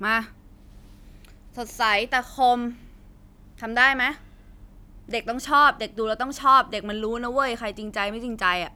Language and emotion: Thai, neutral